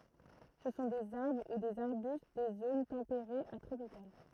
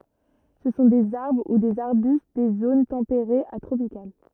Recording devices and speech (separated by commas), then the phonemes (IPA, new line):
throat microphone, rigid in-ear microphone, read sentence
sə sɔ̃ dez aʁbʁ u dez aʁbyst de zon tɑ̃peʁez a tʁopikal